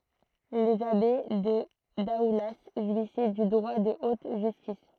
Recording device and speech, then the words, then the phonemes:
throat microphone, read sentence
Les abbés de Daoulas jouissaient du droit de haute justice.
lez abe də daula ʒwisɛ dy dʁwa də ot ʒystis

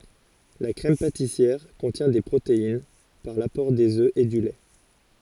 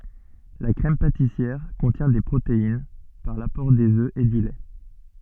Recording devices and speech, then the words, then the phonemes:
forehead accelerometer, soft in-ear microphone, read sentence
La crème pâtissière contient des protéines, par l'apport des œufs et du lait.
la kʁɛm patisjɛʁ kɔ̃tjɛ̃ de pʁotein paʁ lapɔʁ dez ø e dy lɛ

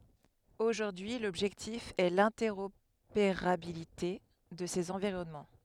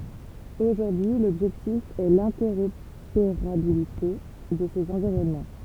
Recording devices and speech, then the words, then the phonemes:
headset microphone, temple vibration pickup, read sentence
Aujourd'hui, l'objectif est l'interopérabilité de ces environnements.
oʒuʁdyi lɔbʒɛktif ɛ lɛ̃tɛʁopeʁabilite də sez ɑ̃viʁɔnmɑ̃

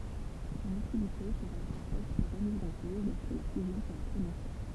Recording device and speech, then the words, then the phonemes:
temple vibration pickup, read sentence
Son utilité pourrait être remise en cause lorsque la fusion sera prononcée.
sɔ̃n ytilite puʁɛt ɛtʁ ʁəmiz ɑ̃ koz lɔʁskə la fyzjɔ̃ səʁa pʁonɔ̃se

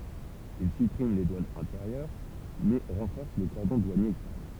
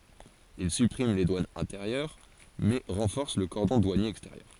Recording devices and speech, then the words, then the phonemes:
temple vibration pickup, forehead accelerometer, read sentence
Il supprime les douanes intérieures, mais renforce le cordon douanier extérieur.
il sypʁim le dwanz ɛ̃teʁjœʁ mɛ ʁɑ̃fɔʁs lə kɔʁdɔ̃ dwanje ɛksteʁjœʁ

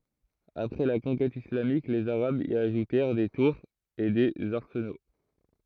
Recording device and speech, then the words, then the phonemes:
throat microphone, read sentence
Après la conquête islamique, les arabes y ajoutèrent des tours et des arsenaux.
apʁɛ la kɔ̃kɛt islamik lez aʁabz i aʒutɛʁ de tuʁz e dez aʁsəno

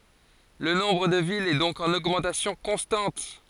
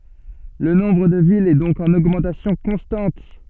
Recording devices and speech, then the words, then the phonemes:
forehead accelerometer, soft in-ear microphone, read sentence
Le nombre de villes est donc en augmentation constante.
lə nɔ̃bʁ də vilz ɛ dɔ̃k ɑ̃n oɡmɑ̃tasjɔ̃ kɔ̃stɑ̃t

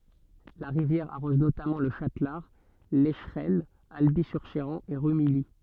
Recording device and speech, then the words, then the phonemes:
soft in-ear microphone, read sentence
La rivière arrose notamment Le Châtelard, Lescheraines, Alby-sur-Chéran et Rumilly.
la ʁivjɛʁ aʁɔz notamɑ̃ lə ʃatlaʁ lɛʃʁɛnə albi syʁ ʃeʁɑ̃ e ʁymiji

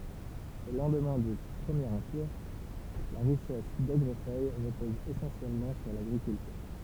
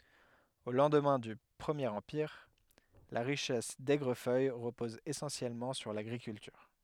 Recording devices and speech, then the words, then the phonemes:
temple vibration pickup, headset microphone, read sentence
Au lendemain du Premier Empire, la richesse d’Aigrefeuille repose essentiellement sur l'agriculture.
o lɑ̃dmɛ̃ dy pʁəmjeʁ ɑ̃piʁ la ʁiʃɛs dɛɡʁəfœj ʁəpɔz esɑ̃sjɛlmɑ̃ syʁ laɡʁikyltyʁ

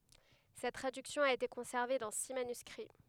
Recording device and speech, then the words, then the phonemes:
headset microphone, read sentence
Cette traduction a été conservée dans six manuscrits.
sɛt tʁadyksjɔ̃ a ete kɔ̃sɛʁve dɑ̃ si manyskʁi

